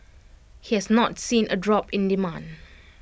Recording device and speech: boundary microphone (BM630), read sentence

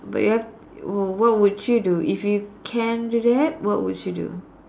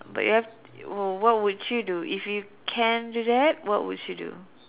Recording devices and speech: standing microphone, telephone, conversation in separate rooms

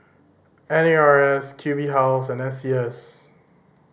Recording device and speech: boundary microphone (BM630), read sentence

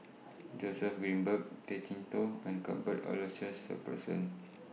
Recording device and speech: mobile phone (iPhone 6), read sentence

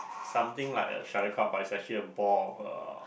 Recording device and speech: boundary microphone, conversation in the same room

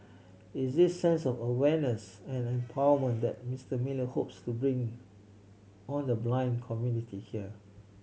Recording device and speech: mobile phone (Samsung C7100), read sentence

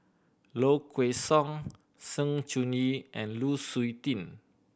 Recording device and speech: boundary microphone (BM630), read sentence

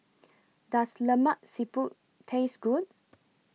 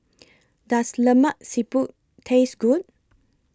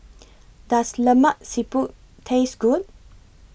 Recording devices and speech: mobile phone (iPhone 6), close-talking microphone (WH20), boundary microphone (BM630), read sentence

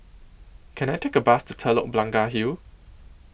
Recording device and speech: boundary microphone (BM630), read sentence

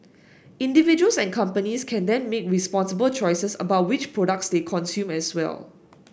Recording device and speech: boundary microphone (BM630), read sentence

